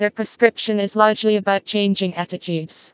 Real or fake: fake